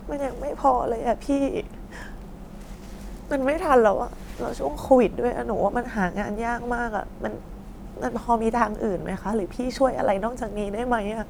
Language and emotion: Thai, sad